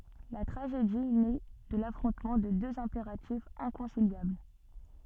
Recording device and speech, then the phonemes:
soft in-ear microphone, read sentence
la tʁaʒedi nɛ də lafʁɔ̃tmɑ̃ də døz ɛ̃peʁatifz ɛ̃kɔ̃siljabl

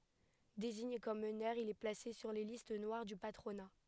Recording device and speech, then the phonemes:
headset microphone, read sentence
deziɲe kɔm mənœʁ il ɛ plase syʁ le list nwaʁ dy patʁona

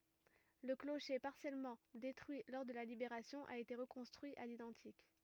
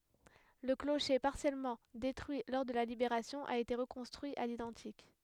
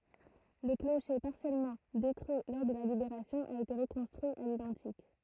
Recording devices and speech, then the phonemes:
rigid in-ear microphone, headset microphone, throat microphone, read sentence
lə kloʃe paʁsjɛlmɑ̃ detʁyi lɔʁ də la libeʁasjɔ̃ a ete ʁəkɔ̃stʁyi a lidɑ̃tik

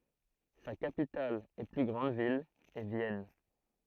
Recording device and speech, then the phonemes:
throat microphone, read sentence
sa kapital e ply ɡʁɑ̃d vil ɛ vjɛn

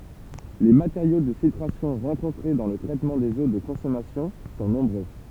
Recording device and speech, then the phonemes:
temple vibration pickup, read sentence
le mateʁjo də filtʁasjɔ̃ ʁɑ̃kɔ̃tʁe dɑ̃ lə tʁɛtmɑ̃ dez o də kɔ̃sɔmasjɔ̃ sɔ̃ nɔ̃bʁø

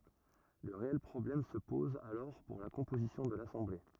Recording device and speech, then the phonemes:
rigid in-ear microphone, read sentence
lə ʁeɛl pʁɔblɛm sə pɔz alɔʁ puʁ la kɔ̃pozisjɔ̃ də lasɑ̃ble

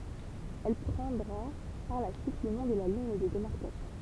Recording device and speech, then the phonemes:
temple vibration pickup, read sentence
ɛl pʁɑ̃dʁa paʁ la syit lə nɔ̃ də liɲ də demaʁkasjɔ̃

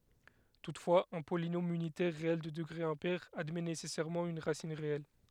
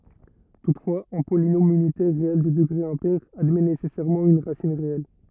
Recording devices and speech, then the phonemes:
headset microphone, rigid in-ear microphone, read sentence
tutfwaz œ̃ polinom ynitɛʁ ʁeɛl də dəɡʁe ɛ̃pɛʁ admɛ nesɛsɛʁmɑ̃ yn ʁasin ʁeɛl

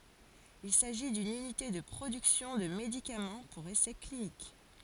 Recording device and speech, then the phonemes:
forehead accelerometer, read sentence
il saʒi dyn ynite də pʁodyksjɔ̃ də medikamɑ̃ puʁ esɛ klinik

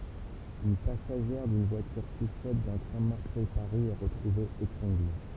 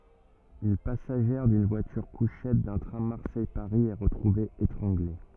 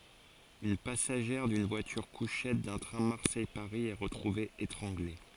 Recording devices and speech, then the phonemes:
temple vibration pickup, rigid in-ear microphone, forehead accelerometer, read sentence
yn pasaʒɛʁ dyn vwatyʁkuʃɛt dœ̃ tʁɛ̃ maʁsɛjpaʁi ɛ ʁətʁuve etʁɑ̃ɡle

